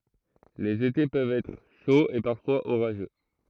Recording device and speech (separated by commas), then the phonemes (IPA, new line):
throat microphone, read sentence
lez ete pøvt ɛtʁ ʃoz e paʁfwaz oʁaʒø